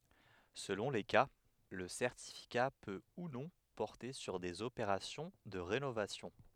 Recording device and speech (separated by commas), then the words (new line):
headset microphone, read sentence
Selon les cas le certificat peut ou non porter sur des opérations de rénovation.